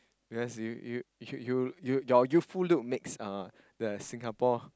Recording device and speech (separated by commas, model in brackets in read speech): close-talking microphone, conversation in the same room